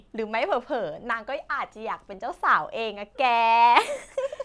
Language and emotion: Thai, happy